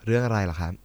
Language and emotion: Thai, neutral